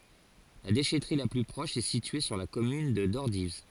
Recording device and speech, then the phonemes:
forehead accelerometer, read sentence
la deʃɛtʁi la ply pʁɔʃ ɛ sitye syʁ la kɔmyn də dɔʁdiv

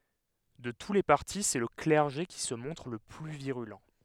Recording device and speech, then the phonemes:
headset microphone, read sentence
də tu le paʁti sɛ lə klɛʁʒe ki sə mɔ̃tʁ lə ply viʁylɑ̃

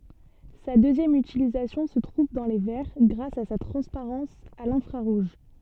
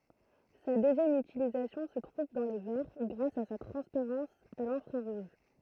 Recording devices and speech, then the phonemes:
soft in-ear microphone, throat microphone, read sentence
sa døzjɛm ytilizasjɔ̃ sə tʁuv dɑ̃ le vɛʁ ɡʁas a sa tʁɑ̃spaʁɑ̃s a lɛ̃fʁaʁuʒ

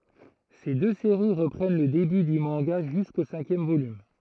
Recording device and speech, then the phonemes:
throat microphone, read sentence
se dø seʁi ʁəpʁɛn lə deby dy mɑ̃ɡa ʒysko sɛ̃kjɛm volym

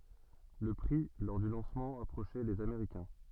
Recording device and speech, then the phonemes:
soft in-ear microphone, read sentence
lə pʁi lɔʁ dy lɑ̃smɑ̃ apʁoʃɛ lez ameʁikɛ̃

